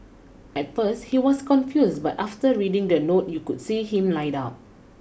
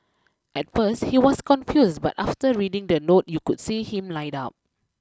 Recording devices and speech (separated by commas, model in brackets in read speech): boundary microphone (BM630), close-talking microphone (WH20), read sentence